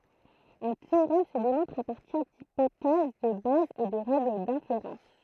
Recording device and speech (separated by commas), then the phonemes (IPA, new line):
throat microphone, read sentence
œ̃ teoʁɛm sə demɔ̃tʁ a paʁtiʁ dipotɛz də baz e də ʁɛɡl dɛ̃feʁɑ̃s